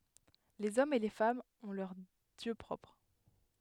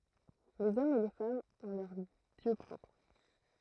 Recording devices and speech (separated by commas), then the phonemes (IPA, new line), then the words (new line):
headset microphone, throat microphone, read sentence
lez ɔmz e le famz ɔ̃ lœʁ djø pʁɔpʁ
Les hommes et les femmes ont leurs dieux propres.